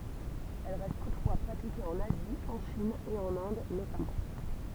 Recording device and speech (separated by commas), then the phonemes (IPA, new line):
temple vibration pickup, read sentence
ɛl ʁɛst tutfwa pʁatike ɑ̃n azi ɑ̃ ʃin e ɑ̃n ɛ̃d notamɑ̃